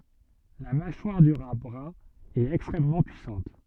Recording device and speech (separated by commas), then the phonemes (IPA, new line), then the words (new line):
soft in-ear microphone, read sentence
la maʃwaʁ dy ʁa bʁœ̃ ɛt ɛkstʁɛmmɑ̃ pyisɑ̃t
La mâchoire du rat brun est extrêmement puissante.